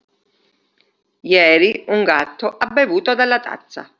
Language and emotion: Italian, neutral